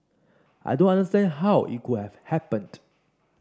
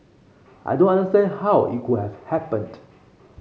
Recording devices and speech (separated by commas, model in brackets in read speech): standing microphone (AKG C214), mobile phone (Samsung C5), read sentence